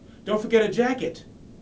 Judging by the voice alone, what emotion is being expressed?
neutral